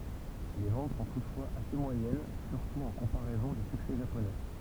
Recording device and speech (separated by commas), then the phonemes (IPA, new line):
temple vibration pickup, read sentence
le vɑ̃t sɔ̃ tutfwaz ase mwajɛn syʁtu ɑ̃ kɔ̃paʁɛzɔ̃ dy syksɛ ʒaponɛ